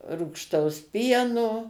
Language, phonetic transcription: Lithuanian, rūgšˈtaus ˈpieno

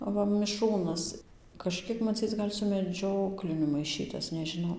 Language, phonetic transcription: Lithuanian, aˈva miˈšrūnas kažˈkiek maˈcyc gal' su meˈdžiokliniu maiˈšytas nežiˈnau

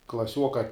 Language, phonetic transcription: Lithuanian, klaˈsiuoka

